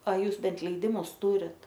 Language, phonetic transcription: Lithuanian, a ˈjūs ˈbent leiˈdimus ˈtūrit

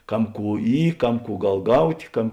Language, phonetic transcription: Lithuanian, ˈkam ˈkų ˈy ˈkam ˈkų ˈgal ˈgaut' ˈkam

